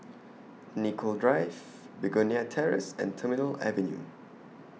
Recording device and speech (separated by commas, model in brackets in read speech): mobile phone (iPhone 6), read sentence